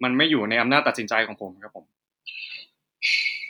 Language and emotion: Thai, neutral